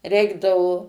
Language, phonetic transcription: Lithuanian, ˈreikdavo

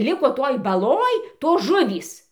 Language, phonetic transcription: Lithuanian, ˈliko toj baˈloj ˈtos ˈžuvys

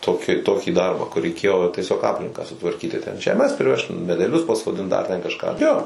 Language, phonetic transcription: Lithuanian, ˈtoki ˈtokį ˈdarbą kur reiˈkėjo tieˈsiog ˈaplinką sutvarˈkyti ten žeˈmes priˈvežt medeˈlius pasoˈdint dar ten kažˈką jo

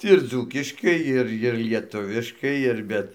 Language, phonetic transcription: Lithuanian, ir ˈdzūkiškai ˈir ir lieˈtuviškai ir ˈbet

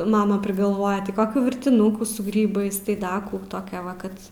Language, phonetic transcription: Lithuanian, ˈmama prigalˈvoja ti ˈkokių virtiˈnukų su ˈgrybais tai ˈdaˈ kų taˈkia ˈva ˈkad

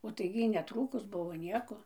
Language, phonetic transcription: Lithuanian, o tai gi ˈjy neˈtrūkus ˈbuvo ˈnieko

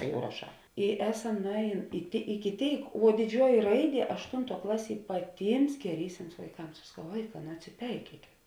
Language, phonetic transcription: Lithuanian, ˈjau raˈšā i ˈeˌsam nuˈēˌjėn i ˈiki ˈtėik vuo diˈdžiuoji ˈraiˌdie ašˈtuntuo ˈklaˌsie paˈtyms geˈrysims vaiˈkams aš saˈkau ˈvaiˌkā nu atsiˈpeikiekėt

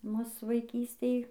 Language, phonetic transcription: Lithuanian, ˈmus vaiˈkystėj

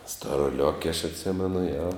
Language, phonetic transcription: Lithuanian, storoˈliok' aš atˈsimenu jo

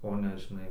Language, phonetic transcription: Lithuanian, o ˈne žiˈnai

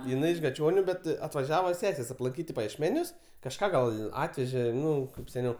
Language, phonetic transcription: Lithuanian, jiˈnai iš gaˈčioniu bet atvaˈžiava ˈsesės aplanˈkyt i pajiešˈmenius kažˈką gal ˈatvežė ˈnu kaip seˈniau

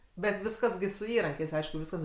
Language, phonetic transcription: Lithuanian, bet ˈviskas gi su ˈįrankiais ˈaišku ˈviskas

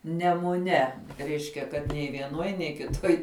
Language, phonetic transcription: Lithuanian, nemuˈne ˈreiškia kad nei vieˈnuoj nei kiˈtuoj

